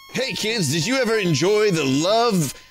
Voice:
90s announcer voice